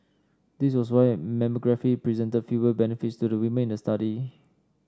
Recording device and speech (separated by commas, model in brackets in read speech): standing microphone (AKG C214), read sentence